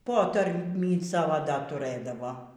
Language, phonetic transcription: Lithuanian, ˈpotarmį ˈsavo dar tuˈrɘdavo

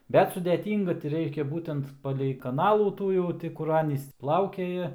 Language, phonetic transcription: Lithuanian, ˈbet sudeˈtynga ti ˈreiškia ˈbūtent palei kaˈnalų ˈtų jau ˈti ˈkur ˈanys ˈplaukiaja

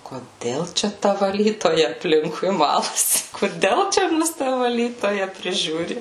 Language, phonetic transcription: Lithuanian, koˈdel ˈčia ˈta vaˈlytoja apˈlinkui ˈmalasi koˈdel ˈčia ˈmus ˈta vaˈlytoja priˈžiūri

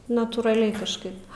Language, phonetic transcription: Lithuanian, natūraˈliai kažˈkaip

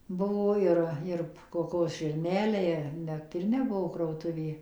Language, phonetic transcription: Lithuanian, ˈbuvo ˈir ˈir koˈkos žirˈneliai net ˈir neˈbuvo krautuˈvė

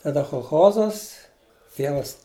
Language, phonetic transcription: Lithuanian, taˈda cholˈchozas ˈtievas

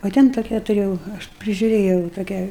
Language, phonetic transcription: Lithuanian, o ˈten toˈkią tuˈrėjau ˈaš prižiuˈrėjau toˈkią

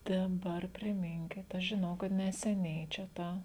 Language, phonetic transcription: Lithuanian, ˈten ˈdar priˈminkit ˈaš žiˈnau kad neseˈniai čia ˈtą

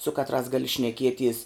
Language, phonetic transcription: Lithuanian, su ˈkatˌrās ˈgali šneˈkieˌties

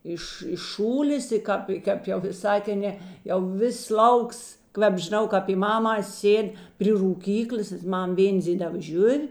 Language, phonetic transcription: Lithuanian, ˈiš iš ˈšūlės i ˈkāp ˈkap jau viˈsā tėn ˈnė jau ˈvis ˈlauks ˈkvep žiˈnau kap py ˈmamās ˈsėd' pri rūˈkyklės ˈmam ˈvėndzėliava ˈžiuv'

